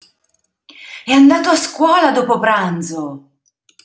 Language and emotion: Italian, surprised